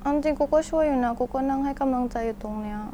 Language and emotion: Thai, frustrated